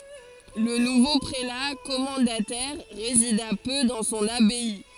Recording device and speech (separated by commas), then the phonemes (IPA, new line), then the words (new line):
forehead accelerometer, read sentence
lə nuvo pʁela kɔmɑ̃datɛʁ ʁezida pø dɑ̃ sɔ̃n abaj
Le nouveau prélat commendataire résida peu dans son abbaye.